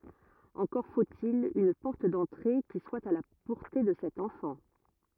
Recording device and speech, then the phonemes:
rigid in-ear microphone, read sentence
ɑ̃kɔʁ fot il yn pɔʁt dɑ̃tʁe ki swa a la pɔʁte də sɛt ɑ̃fɑ̃

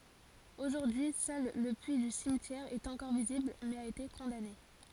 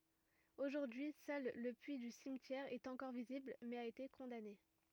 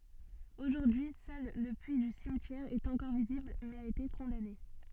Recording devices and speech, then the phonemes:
forehead accelerometer, rigid in-ear microphone, soft in-ear microphone, read sentence
oʒuʁdyi sœl lə pyi dy simtjɛʁ ɛt ɑ̃kɔʁ vizibl mɛz a ete kɔ̃dane

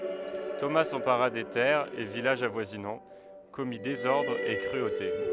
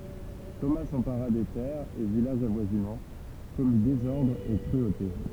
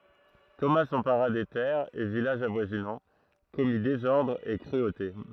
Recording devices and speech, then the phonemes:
headset microphone, temple vibration pickup, throat microphone, read sentence
toma sɑ̃paʁa de tɛʁz e vilaʒz avwazinɑ̃ kɔmi dezɔʁdʁz e kʁyote

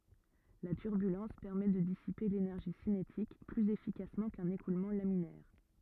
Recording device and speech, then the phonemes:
rigid in-ear microphone, read sentence
la tyʁbylɑ̃s pɛʁmɛ də disipe lenɛʁʒi sinetik plyz efikasmɑ̃ kœ̃n ekulmɑ̃ laminɛʁ

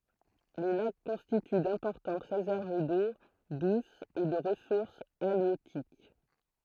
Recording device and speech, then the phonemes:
throat microphone, read sentence
le lak kɔ̃stity dɛ̃pɔʁtɑ̃t ʁezɛʁv do dus e də ʁəsuʁs aljøtik

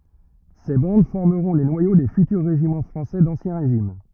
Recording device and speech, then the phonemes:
rigid in-ear microphone, read sentence
se bɑ̃d fɔʁməʁɔ̃ le nwajo de fytyʁ ʁeʒimɑ̃ fʁɑ̃sɛ dɑ̃sjɛ̃ ʁeʒim

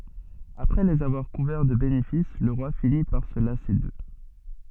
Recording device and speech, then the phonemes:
soft in-ear microphone, read sentence
apʁɛ lez avwaʁ kuvɛʁ də benefis lə ʁwa fini paʁ sə lase dø

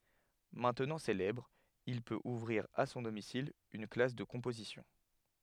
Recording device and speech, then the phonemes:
headset microphone, read sentence
mɛ̃tnɑ̃ selɛbʁ il pøt uvʁiʁ a sɔ̃ domisil yn klas də kɔ̃pozisjɔ̃

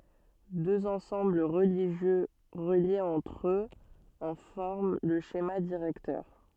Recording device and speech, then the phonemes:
soft in-ear microphone, read sentence
døz ɑ̃sɑ̃bl ʁəliʒjø ʁəljez ɑ̃tʁ øz ɑ̃ fɔʁm lə ʃema diʁɛktœʁ

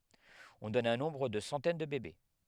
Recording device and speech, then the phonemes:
headset microphone, read sentence
ɔ̃ dɔn œ̃ nɔ̃bʁ də sɑ̃tɛn də bebe

